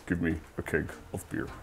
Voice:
deep voice